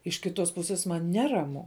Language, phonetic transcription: Lithuanian, iš kiˈtos puˈsės man ˈneramu

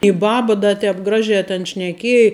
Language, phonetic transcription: Lithuanian, i ˈbaba da ˈtēp ˈgražē ten šneˈkiej

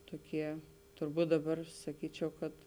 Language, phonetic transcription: Lithuanian, ˈtoˌkie turˈbūt daˌbar saˈkyčiau kad

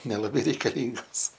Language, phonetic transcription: Lithuanian, nelaˈbai reikaˈlyngos

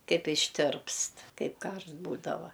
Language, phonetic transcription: Lithuanian, ˈkaip išˈtirpst ˈkaip ˈkaršt ˈbūdava

